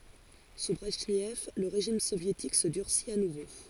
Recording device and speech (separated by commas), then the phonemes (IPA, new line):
forehead accelerometer, read sentence
su bʁɛʒnɛv lə ʁeʒim sovjetik sə dyʁsit a nuvo